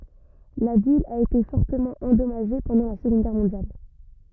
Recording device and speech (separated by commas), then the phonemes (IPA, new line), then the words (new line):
rigid in-ear microphone, read sentence
la vil a ete fɔʁtəmɑ̃ ɑ̃dɔmaʒe pɑ̃dɑ̃ la səɡɔ̃d ɡɛʁ mɔ̃djal
La ville a été fortement endommagée pendant la Seconde Guerre mondiale.